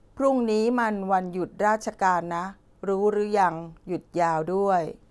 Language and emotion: Thai, neutral